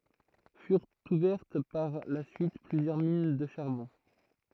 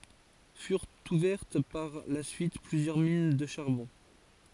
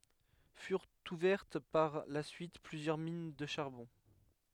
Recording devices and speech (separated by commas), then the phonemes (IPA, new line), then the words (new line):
throat microphone, forehead accelerometer, headset microphone, read sentence
fyʁt uvɛʁt paʁ la syit plyzjœʁ min də ʃaʁbɔ̃
Furent ouvertes par la suite plusieurs mines de charbon.